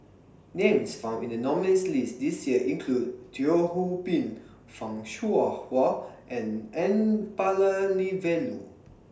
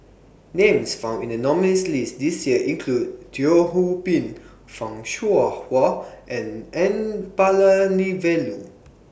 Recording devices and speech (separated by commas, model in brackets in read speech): standing microphone (AKG C214), boundary microphone (BM630), read sentence